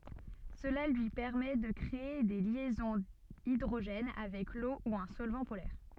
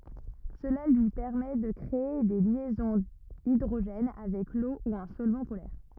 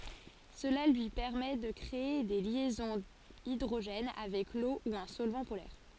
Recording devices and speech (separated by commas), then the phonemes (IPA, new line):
soft in-ear microphone, rigid in-ear microphone, forehead accelerometer, read sentence
səla lyi pɛʁmɛ də kʁee de ljɛzɔ̃z idʁoʒɛn avɛk lo u œ̃ sɔlvɑ̃ polɛʁ